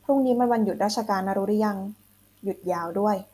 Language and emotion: Thai, neutral